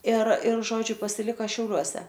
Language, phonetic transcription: Lithuanian, ir ir ˈžodžiu pasiˈlika šiauˈliuose

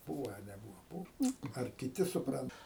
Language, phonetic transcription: Lithuanian, ˈbūva a neˈbūva ˈbūv ar kiˈti suˈprant

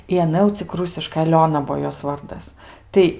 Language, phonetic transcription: Lithuanian, i aˈna jau cik ˈrusiškai aˈliona ˈbuo ˈjos ˈvardas ˈtai

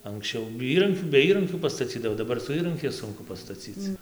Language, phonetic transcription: Lithuanian, anksˈčiau ˈįrankių be ˈįrankių pastaˈcydavo daˈbar su ˈįrankiais ˈsunku pastaˈcyc

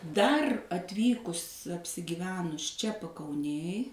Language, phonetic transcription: Lithuanian, ˈdar atˈvykus apsigiˈvenus ˈčia pakauˈnėj

